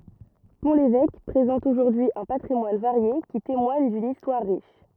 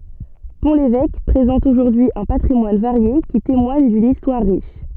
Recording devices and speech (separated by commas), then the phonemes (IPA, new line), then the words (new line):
rigid in-ear microphone, soft in-ear microphone, read sentence
pɔ̃ levɛk pʁezɑ̃t oʒuʁdyi œ̃ patʁimwan vaʁje ki temwaɲ dyn istwaʁ ʁiʃ
Pont-l'Évêque présente aujourd'hui un patrimoine varié qui témoigne d'une histoire riche.